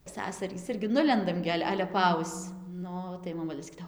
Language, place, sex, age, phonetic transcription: Lithuanian, Dzūkija, female, 18-60, ˈsasarys ˈirgi ˈnulendam gi ˈal' ˈale paˈausc ˈnu tai moˈmulė saˈkydao

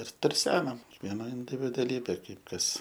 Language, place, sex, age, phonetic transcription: Lithuanian, Aukštaitija, male, 18-60, ir turˈsenam kiekˈviena individuaˈlybė ˈkaip ˈkas

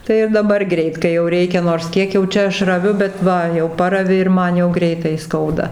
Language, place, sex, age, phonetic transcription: Lithuanian, Dzūkija, female, 60+, ˈtai ir daˈbar ˈgreit kai jau ˈreikia nors ˈkiek jau ˈčia ˈaš raˈviu bet ˈva jau ˈparavi ir ˈman jau ˈgreitai ˈskauda

